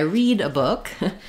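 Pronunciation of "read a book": In 'read a book', 'read' has its present-tense pronunciation, with the ee vowel heard in 'me'.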